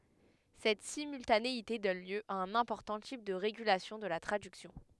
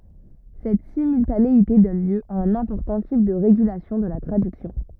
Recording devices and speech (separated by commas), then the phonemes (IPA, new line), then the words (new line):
headset microphone, rigid in-ear microphone, read sentence
sɛt simyltaneite dɔn ljø a œ̃n ɛ̃pɔʁtɑ̃ tip də ʁeɡylasjɔ̃ də la tʁadyksjɔ̃
Cette simultanéité donne lieu à un important type de régulation de la traduction.